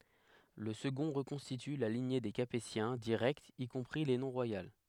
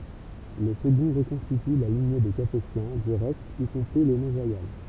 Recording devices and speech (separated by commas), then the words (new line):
headset microphone, temple vibration pickup, read sentence
Le second reconstitue la lignée des Capétiens directs y compris les non royales.